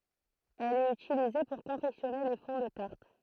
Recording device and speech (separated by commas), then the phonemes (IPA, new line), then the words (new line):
throat microphone, read sentence
ɛl ɛt ytilize puʁ kɔ̃fɛksjɔne le fɔ̃ də taʁt
Elle est utilisée pour confectionner les fonds de tarte.